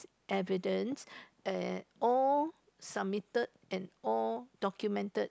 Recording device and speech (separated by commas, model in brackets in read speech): close-talking microphone, conversation in the same room